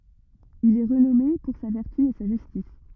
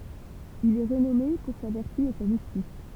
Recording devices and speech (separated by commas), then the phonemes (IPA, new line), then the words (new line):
rigid in-ear microphone, temple vibration pickup, read sentence
il ɛ ʁənɔme puʁ sa vɛʁty e sa ʒystis
Il est renommé pour sa vertu et sa justice.